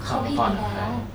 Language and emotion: Thai, frustrated